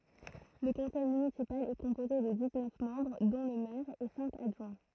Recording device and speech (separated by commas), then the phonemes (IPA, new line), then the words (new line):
throat microphone, read sentence
lə kɔ̃sɛj mynisipal ɛ kɔ̃poze də diz nœf mɑ̃bʁ dɔ̃ lə mɛʁ e sɛ̃k adʒwɛ̃
Le conseil municipal est composé de dix-neuf membres dont le maire et cinq adjoints.